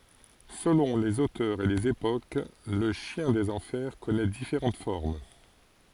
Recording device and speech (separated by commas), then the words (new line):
forehead accelerometer, read sentence
Selon les auteurs et les époques, le chien des enfers connait différentes formes.